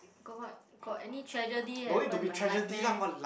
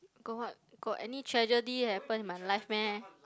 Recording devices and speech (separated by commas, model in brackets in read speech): boundary microphone, close-talking microphone, conversation in the same room